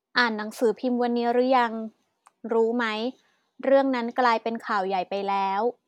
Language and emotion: Thai, neutral